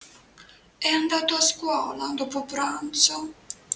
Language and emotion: Italian, sad